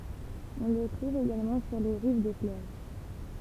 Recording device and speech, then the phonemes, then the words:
temple vibration pickup, read sentence
ɔ̃ lə tʁuv eɡalmɑ̃ syʁ le ʁiv de fløv
On le trouve également sur les rives des fleuves.

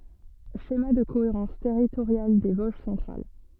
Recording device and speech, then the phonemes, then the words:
soft in-ear microphone, read sentence
ʃema də koeʁɑ̃s tɛʁitoʁjal de voʒ sɑ̃tʁal
Schéma de cohérence territoriale des Vosges centrales.

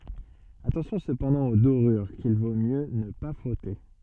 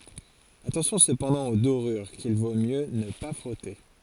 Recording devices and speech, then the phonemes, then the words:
soft in-ear microphone, forehead accelerometer, read sentence
atɑ̃sjɔ̃ səpɑ̃dɑ̃ o doʁyʁ kil vo mjø nə pa fʁɔte
Attention cependant aux dorures qu'il vaut mieux ne pas frotter.

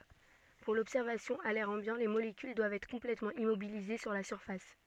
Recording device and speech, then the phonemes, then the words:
soft in-ear microphone, read sentence
puʁ lɔbsɛʁvasjɔ̃ a lɛʁ ɑ̃bjɑ̃ le molekyl dwavt ɛtʁ kɔ̃plɛtmɑ̃ immobilize syʁ la syʁfas
Pour l'observation à l'air ambiant, les molécules doivent être complètement immobilisées sur la surface.

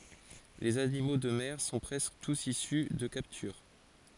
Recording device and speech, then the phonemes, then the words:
forehead accelerometer, read sentence
lez animo də mɛʁ sɔ̃ pʁɛskə tus isy də kaptyʁ
Les animaux de mer sont presque tous issus de capture.

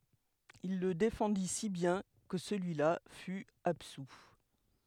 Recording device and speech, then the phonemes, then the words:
headset microphone, read sentence
il lə defɑ̃di si bjɛ̃ kə səlyi la fy absu
Il le défendit si bien que celui-là fut absous.

